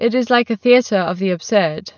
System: none